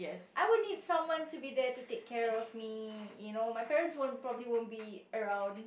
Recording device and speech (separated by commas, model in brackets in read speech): boundary microphone, conversation in the same room